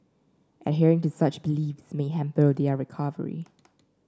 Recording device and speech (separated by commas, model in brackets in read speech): standing microphone (AKG C214), read sentence